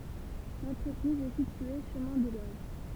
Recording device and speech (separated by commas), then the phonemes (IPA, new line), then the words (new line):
temple vibration pickup, read sentence
lɑ̃tʁəpʁiz ɛ sitye ʃəmɛ̃ de loʒ
L'entreprise est située chemin des Loges.